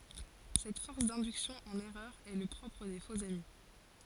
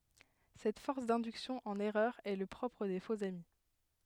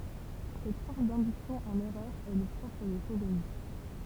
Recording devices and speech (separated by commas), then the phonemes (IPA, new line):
forehead accelerometer, headset microphone, temple vibration pickup, read sentence
sɛt fɔʁs dɛ̃dyksjɔ̃ ɑ̃n ɛʁœʁ ɛ lə pʁɔpʁ de foksami